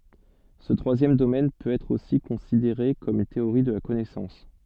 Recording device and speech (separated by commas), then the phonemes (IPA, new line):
soft in-ear microphone, read sentence
sə tʁwazjɛm domɛn pøt ɛtʁ osi kɔ̃sideʁe kɔm yn teoʁi də la kɔnɛsɑ̃s